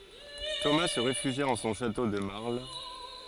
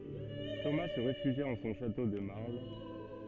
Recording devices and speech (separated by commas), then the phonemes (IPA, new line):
forehead accelerometer, soft in-ear microphone, read sentence
toma sə ʁefyʒja ɑ̃ sɔ̃ ʃato də maʁl